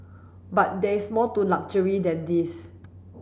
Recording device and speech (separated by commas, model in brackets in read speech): boundary microphone (BM630), read sentence